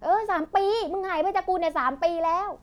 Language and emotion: Thai, angry